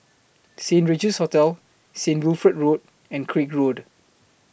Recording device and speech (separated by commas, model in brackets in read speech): boundary microphone (BM630), read sentence